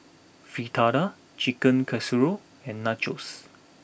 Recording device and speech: boundary microphone (BM630), read sentence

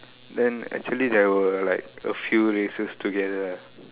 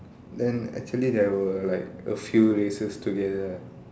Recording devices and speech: telephone, standing microphone, conversation in separate rooms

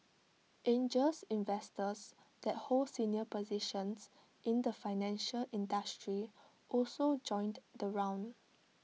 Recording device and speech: mobile phone (iPhone 6), read sentence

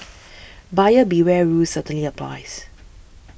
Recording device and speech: boundary microphone (BM630), read sentence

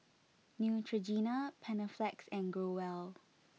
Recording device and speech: mobile phone (iPhone 6), read sentence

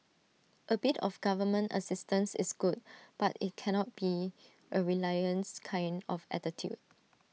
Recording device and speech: mobile phone (iPhone 6), read sentence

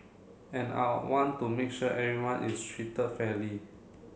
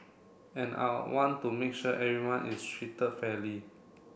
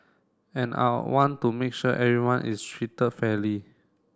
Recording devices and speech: mobile phone (Samsung C7), boundary microphone (BM630), standing microphone (AKG C214), read sentence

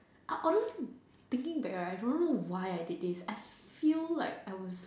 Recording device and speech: standing microphone, conversation in separate rooms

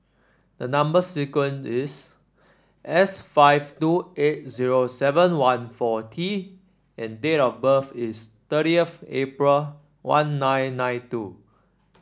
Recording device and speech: standing microphone (AKG C214), read sentence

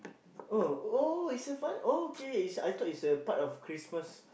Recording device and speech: boundary microphone, conversation in the same room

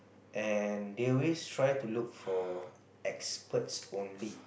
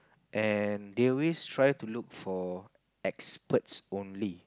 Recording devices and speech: boundary microphone, close-talking microphone, conversation in the same room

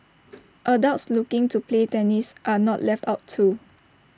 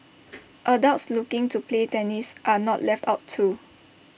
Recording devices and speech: standing microphone (AKG C214), boundary microphone (BM630), read sentence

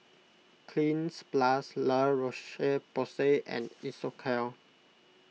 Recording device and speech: mobile phone (iPhone 6), read sentence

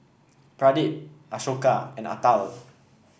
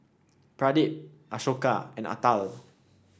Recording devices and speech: boundary microphone (BM630), standing microphone (AKG C214), read sentence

